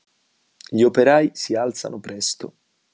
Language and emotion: Italian, neutral